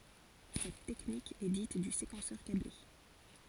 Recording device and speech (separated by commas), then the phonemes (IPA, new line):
forehead accelerometer, read sentence
sɛt tɛknik ɛ dit dy sekɑ̃sœʁ kable